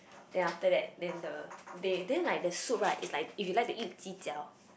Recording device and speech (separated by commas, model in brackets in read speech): boundary microphone, conversation in the same room